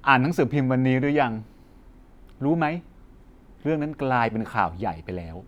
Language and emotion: Thai, neutral